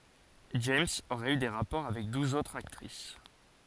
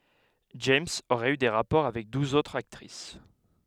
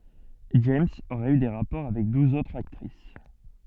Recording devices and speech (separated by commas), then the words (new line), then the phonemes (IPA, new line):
forehead accelerometer, headset microphone, soft in-ear microphone, read sentence
James aurait eu des rapports avec douze autres actrices.
dʒɛmz oʁɛt y de ʁapɔʁ avɛk duz otʁz aktʁis